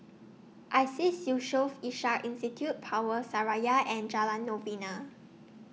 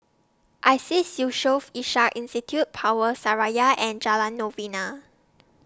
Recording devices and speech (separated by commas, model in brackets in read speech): mobile phone (iPhone 6), standing microphone (AKG C214), read sentence